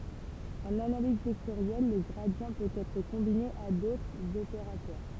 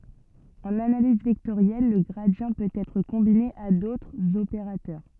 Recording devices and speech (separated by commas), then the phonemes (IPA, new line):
temple vibration pickup, soft in-ear microphone, read sentence
ɑ̃n analiz vɛktoʁjɛl lə ɡʁadi pøt ɛtʁ kɔ̃bine a dotʁz opeʁatœʁ